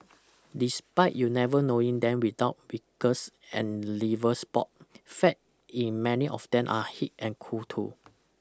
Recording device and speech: close-talking microphone (WH20), read sentence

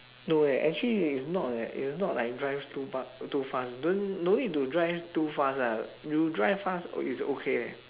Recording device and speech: telephone, conversation in separate rooms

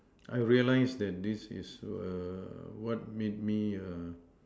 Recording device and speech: standing microphone, conversation in separate rooms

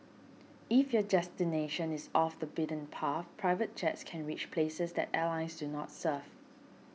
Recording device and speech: mobile phone (iPhone 6), read sentence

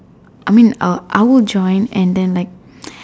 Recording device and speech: standing microphone, conversation in separate rooms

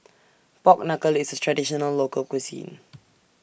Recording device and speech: boundary microphone (BM630), read sentence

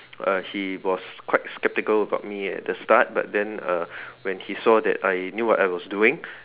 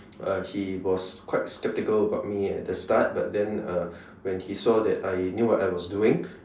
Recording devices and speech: telephone, standing microphone, conversation in separate rooms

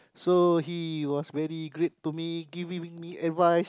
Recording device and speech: close-talking microphone, conversation in the same room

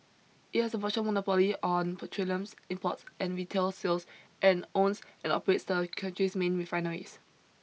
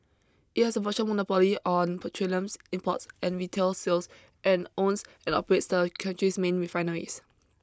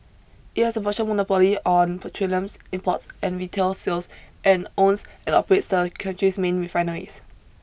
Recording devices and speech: mobile phone (iPhone 6), close-talking microphone (WH20), boundary microphone (BM630), read sentence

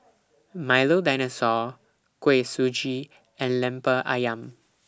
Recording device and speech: standing microphone (AKG C214), read sentence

